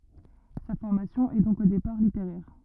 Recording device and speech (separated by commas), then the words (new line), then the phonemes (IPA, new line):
rigid in-ear microphone, read sentence
Sa formation est donc au départ littéraire.
sa fɔʁmasjɔ̃ ɛ dɔ̃k o depaʁ liteʁɛʁ